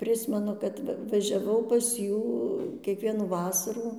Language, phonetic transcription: Lithuanian, ˈprismenu kad ˈva važiaˈvau pas ˈjų kieˈkvienų ˈvasarų

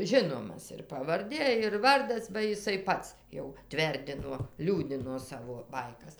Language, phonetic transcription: Lithuanian, ˈžinomas ir pavarˈdė ir ˈvardas ba jiˈsai ˈpats jau ˈtverdino ˈliūdino ˈsavo ˈbaikas

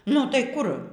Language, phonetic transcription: Lithuanian, nu tai ˈkur

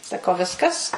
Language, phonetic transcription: Lithuanian, saˈkau ˈviskas

